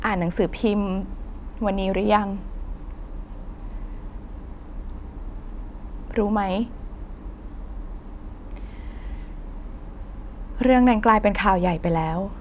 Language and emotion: Thai, sad